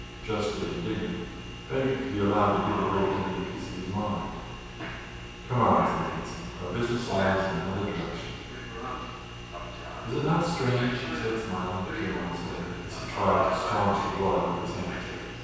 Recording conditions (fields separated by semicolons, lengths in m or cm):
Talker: one person; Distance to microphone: 7.1 m; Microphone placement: far; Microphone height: 1.7 m; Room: very reverberant, large; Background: television